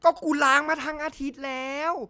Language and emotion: Thai, angry